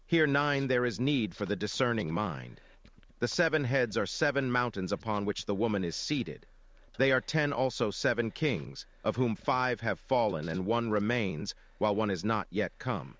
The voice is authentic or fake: fake